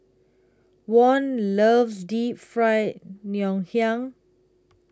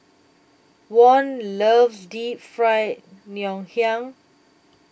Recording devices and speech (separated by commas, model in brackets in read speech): close-talking microphone (WH20), boundary microphone (BM630), read sentence